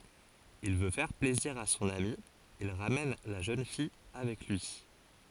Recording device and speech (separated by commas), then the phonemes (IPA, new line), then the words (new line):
forehead accelerometer, read sentence
il vø fɛʁ plɛziʁ a sɔ̃n ami il ʁamɛn la ʒøn fij avɛk lyi
Il veut faire plaisir à son ami, il ramène la jeune fille avec lui.